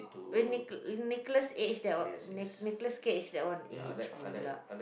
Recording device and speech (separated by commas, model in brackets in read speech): boundary microphone, conversation in the same room